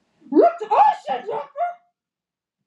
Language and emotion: English, surprised